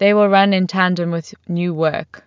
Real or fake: real